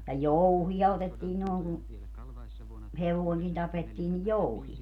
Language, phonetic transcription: Finnish, ja "jouhiʲa otettii nooŋ kun̬ , "hevoeŋkin 'tapettii ni "jouhi(a) .
- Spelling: ja jouhia otettiin noin kun hevonenkin tapettiin niin jouhia

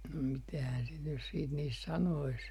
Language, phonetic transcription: Finnish, no 'mitähän sit nys siit niist 'sanois ?
- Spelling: no mitähän sitä nyt sitten niistä sanoisi

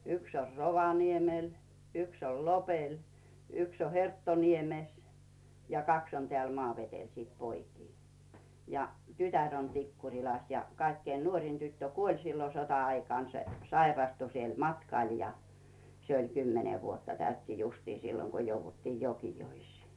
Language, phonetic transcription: Finnish, 'yks or "Rovaniemel , 'yks ol "Lopel , 'yks o "Herttoniemes , ja "kaks on 'teä̀l 'Maavetel sìt 'poikii , ja 'tytär on 'Tikkuŕilas ja 'kaikkein nuórin 'tyttö "kuoĺ sillo 'sota₍aikàn , 'se "sairastu siel 'matkàl ja , 'se oĺ 'kymmene vuotta 'täytti justii 'silloŋ ko jouvvuttiij 'Jokijois̀ii .
- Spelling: yksi on Rovaniemellä yksi on Lopella yksi on Herttoniemessä ja kaksi on täällä Maavedellä sitten poikia ja tytär on Tikkurilassa ja kaikkein nuorin tyttö kuoli silloin sota-aikana se sairastui siellä matkalla ja se oli kymmenen vuotta täytti justiin silloin kun jouduttiin Jokioisiin

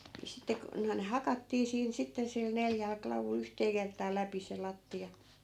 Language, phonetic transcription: Finnish, ni 'sitte ku , noi̮n "hakattii siin 'sitte sil 'neljäl 'klavul 'yhtee kert̀aa 'läpi se 'latti₍a .
- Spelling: niin sitten kun noin hakattiin siinä sitten sillä neljällä klavulla yhteen kertaan läpi se lattia

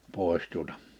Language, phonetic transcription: Finnish, 'pòè̬stuotᴀ .
- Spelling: tuota

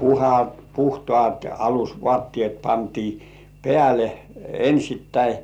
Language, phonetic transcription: Finnish, puha- "puhtŏàt 'alus"vŏàttĭèt 'pantii "pĕä̀le , 'ensittäi .
- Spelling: - puhtaat alusvaatteet pantiin päälle ensittäin

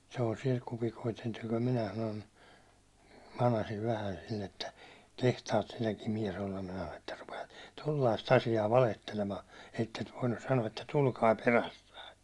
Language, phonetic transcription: Finnish, sellasi₍a 'kupikoit niit ‿oĺ minä sanon , 'manasiv vähän̬ sill ‿että » 'kehtaat sinäkim 'miɛs olla « minä (sano)n » että rupeat , 'tollaist 'asi₍aa 'valehtelemaa , ettet 'voinnus sano₍a että 'tulkai 'perässäi « .
- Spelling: sellaisia kupikoita niitä oli minä sanon manasin vähän sillä että kehtaat sinäkin mies olla minä sanon että rupeat tuollaista asiaa valehtelemaan että et voinut sanoa että tulkaa perässä

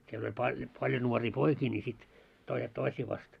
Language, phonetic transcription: Finnish, siel oĺ pa- paljo 'nuorii "poikii ńi sit , 'toiset "toisii vast .
- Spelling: siellä oli - paljon nuoria poikia niin sitten toiset toisia vastaan

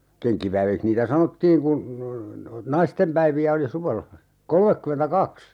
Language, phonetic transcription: Finnish, 'keŋkkipäivikh niitä "sanottiiŋ kun , "naistempäivi₍ä oli 'suvella , "kolmekkymentä"kaks !
- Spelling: kenkkipäiviksi niitä sanottiin kun naistenpäiviä oli suvella kolmekymmentäkaksi

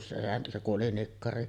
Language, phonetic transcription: Finnish, se se kuˀ 'ˀoli "nikkari .
- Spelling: se se kun oli nikkari

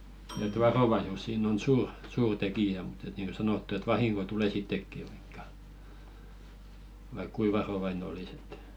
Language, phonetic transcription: Finnish, et "varovaisus sin̆n ‿on 'suur , 'suur 'tekijä mut ‿et niiŋko 'sanottu et "vahiŋko tulè 'sittekki ᴠᴀɪkkᴀ , vaik "kui 'varovaine olis ‿ᴇt .
- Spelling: että varovaisuus siinä on suuri suuri tekijä mutta että niin kuin sanottu että vahinko tulee sittenkin vaikka vaikka kuinka varovainen olisi että

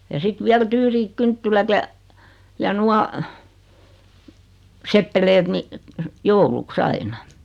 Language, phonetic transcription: Finnish, ja sit viäl 'tyyriik 'kynttilät ja , ja 'nua , 'seppelet ni , "jouluk"s ‿aina .
- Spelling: ja sitten vielä tyyriit kynttilät ja ja nuo seppeleet niin jouluksi aina

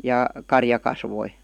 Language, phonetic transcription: Finnish, 'jà , "karja 'kasvoi .
- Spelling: ja karja kasvoi

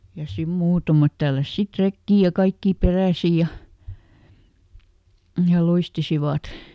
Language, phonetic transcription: Finnish, ja ˈsim ˈmuutamat tälläs ˈsit "rekkii ja ˈkaikkii ˈperä̀si ja , ja ˈluistisivat .
- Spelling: ja siinä muutamat tälläsi sitten rekeen ja kaikki peräisin ja ja luistivat

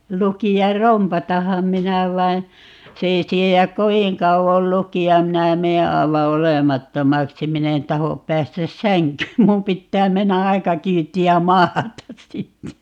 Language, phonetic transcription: Finnish, 'luki₍ar "rompataham 'minä vain̬ , 'se ei 'siejäk "koviŋ 'kauvol "luki₍a(m) - 'minä 'mee 'aeva "olemattomaksi - 'min ‿en 'tahop 'päästäs "säŋkyym - 'mun 'pittää 'mennä "aika 'kyytti₍ä "maatas 'sitte .
- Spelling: lukea rompatanhan minä vaan se ei siedä kovin kauan lukea minä menen aivan olemattomaksi minä en tahdo päästä sänkyyn minun pitää mennä aika kyytiä maata sitten

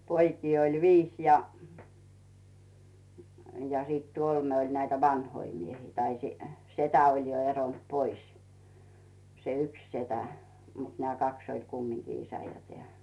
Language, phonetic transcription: Finnish, 'poikii oĺ "viis ja , ja sìt 'kolme oĺ näitä "vannoi 'miehii , tai , "setä oĺ jo 'eront "pois , se "yks 'setä , mut 'nᵉä̀ "kaks oĺ kummiŋkii 'isä ja 'tᵉä̀ .
- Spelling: poikia oli viisi ja ja sitten kolme oli näitä vanhoja miehiä tai setä oli jo eronnut pois se yksi setä mutta nämä kaksi oli kumminkin isä ja tämä

